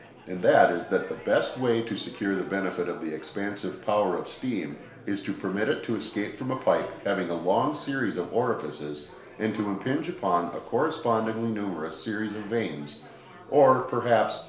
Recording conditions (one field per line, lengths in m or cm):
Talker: one person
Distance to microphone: 1.0 m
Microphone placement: close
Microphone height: 1.1 m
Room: small (3.7 m by 2.7 m)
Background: babble